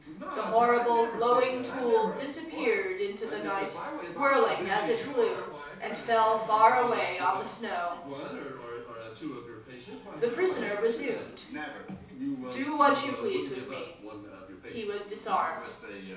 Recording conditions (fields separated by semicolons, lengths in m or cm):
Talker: one person; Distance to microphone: 3.0 m; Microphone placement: far; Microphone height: 1.8 m; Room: small (3.7 m by 2.7 m); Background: television